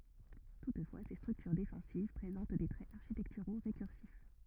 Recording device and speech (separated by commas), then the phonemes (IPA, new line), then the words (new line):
rigid in-ear microphone, read sentence
tutfwa se stʁyktyʁ defɑ̃siv pʁezɑ̃t de tʁɛz aʁʃitɛktyʁo ʁekyʁsif
Toutefois, ces structures défensives présentent des traits architecturaux récursifs.